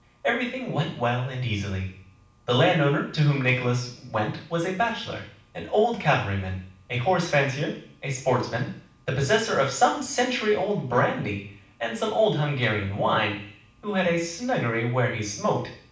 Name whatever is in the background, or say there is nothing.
Nothing.